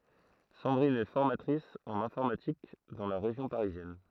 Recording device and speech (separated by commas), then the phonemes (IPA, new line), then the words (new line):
throat microphone, read sentence
sɑ̃dʁin ɛ fɔʁmatʁis ɑ̃n ɛ̃fɔʁmatik dɑ̃ la ʁeʒjɔ̃ paʁizjɛn
Sandrine est formatrice en informatique dans la région parisienne.